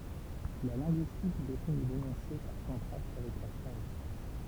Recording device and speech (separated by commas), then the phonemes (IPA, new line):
temple vibration pickup, read sentence
la lɛ̃ɡyistik defini lenɔ̃se paʁ kɔ̃tʁast avɛk la fʁaz